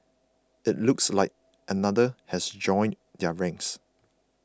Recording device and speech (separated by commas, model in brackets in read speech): close-talking microphone (WH20), read sentence